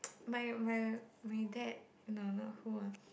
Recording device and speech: boundary microphone, conversation in the same room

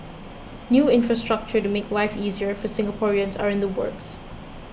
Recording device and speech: boundary microphone (BM630), read sentence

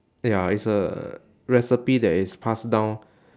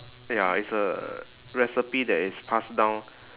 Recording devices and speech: standing microphone, telephone, conversation in separate rooms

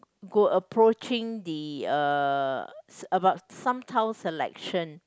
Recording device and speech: close-talking microphone, conversation in the same room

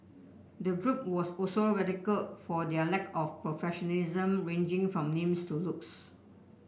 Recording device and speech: boundary microphone (BM630), read sentence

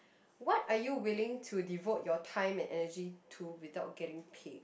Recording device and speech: boundary microphone, conversation in the same room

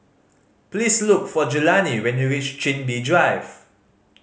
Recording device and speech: mobile phone (Samsung C5010), read sentence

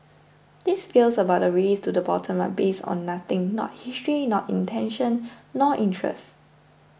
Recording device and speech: boundary microphone (BM630), read sentence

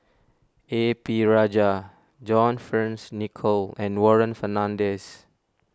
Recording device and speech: standing microphone (AKG C214), read sentence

